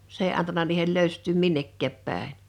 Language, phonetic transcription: Finnish, 's ‿ee antana niihel 'lö̀yst̆tyym "minnekkääp 'pä̀en̬ .
- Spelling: se ei antanut niiden löystyä minnekään päin

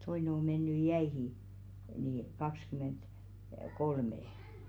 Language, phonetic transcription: Finnish, 'toine o 'mennyj̆ "jäihì , nii , 'kakskyment- , -"kolme .
- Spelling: toinen on mennyt jäihin niin - kaksikymmentäkolme

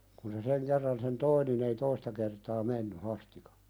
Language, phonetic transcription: Finnish, kun se "seŋ kerran sen 'toi nin ‿ei "toista kertaa 'menny 'Hastikᴀ .
- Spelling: kun se sen kerran sen toi niin ei toista kertaa mennyt Hasti

